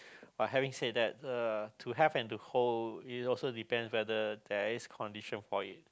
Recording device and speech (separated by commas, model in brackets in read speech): close-talking microphone, conversation in the same room